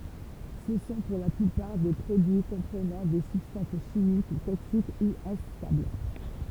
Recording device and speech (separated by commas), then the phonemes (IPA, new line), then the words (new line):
temple vibration pickup, read sentence
sə sɔ̃ puʁ la plypaʁ de pʁodyi kɔ̃pʁənɑ̃ de sybstɑ̃s ʃimik toksik u ɛ̃stabl
Ce sont pour la plupart des produits comprenant des substances chimiques toxiques ou instables.